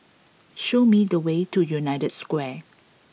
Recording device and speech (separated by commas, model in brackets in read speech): mobile phone (iPhone 6), read sentence